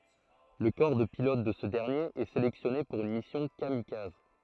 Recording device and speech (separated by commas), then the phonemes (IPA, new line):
throat microphone, read sentence
lə kɔʁ də pilot də sə dɛʁnjeʁ ɛ selɛksjɔne puʁ yn misjɔ̃ kamikaz